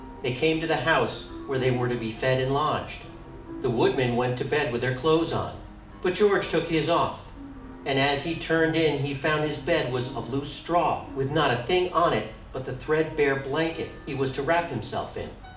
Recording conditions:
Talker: one person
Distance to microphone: 2.0 m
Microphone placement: close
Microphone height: 99 cm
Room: medium-sized (5.7 m by 4.0 m)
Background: music

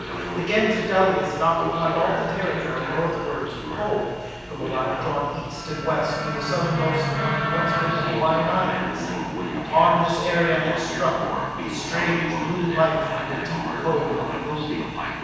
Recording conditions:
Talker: one person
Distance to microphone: 7.1 m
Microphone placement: far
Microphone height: 1.7 m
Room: very reverberant, large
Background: television

